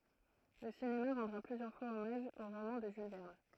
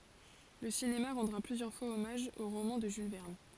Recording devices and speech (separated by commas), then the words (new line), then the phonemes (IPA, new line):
throat microphone, forehead accelerometer, read sentence
Le cinéma rendra plusieurs fois hommage au roman de Jules Verne.
lə sinema ʁɑ̃dʁa plyzjœʁ fwaz ɔmaʒ o ʁomɑ̃ də ʒyl vɛʁn